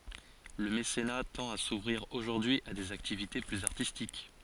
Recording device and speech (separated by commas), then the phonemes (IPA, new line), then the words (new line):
forehead accelerometer, read sentence
lə mesena tɑ̃t a suvʁiʁ oʒuʁdyi a dez aktivite plyz aʁtistik
Le mécénat tend à s’ouvrir aujourd’hui à des activités plus artistiques.